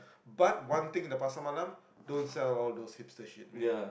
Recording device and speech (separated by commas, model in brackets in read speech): boundary microphone, conversation in the same room